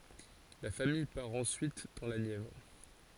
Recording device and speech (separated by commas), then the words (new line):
forehead accelerometer, read sentence
La famille part ensuite dans la Nièvre.